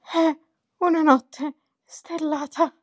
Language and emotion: Italian, fearful